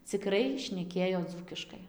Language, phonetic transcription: Lithuanian, ciˈkrai šneˈkėjo ˈdzūkiškai

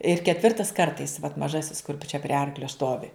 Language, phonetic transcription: Lithuanian, ir ketˈvirtas ˈkartais vat maˈžasis kur čia prie ˈarklio ˈstovi

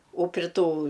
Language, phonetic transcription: Lithuanian, o pri ˈtų

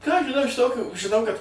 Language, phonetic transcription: Lithuanian, ką aš žiˈnau iš ˈtokių žiˈnau kad

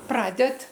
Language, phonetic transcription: Lithuanian, ˈpraded

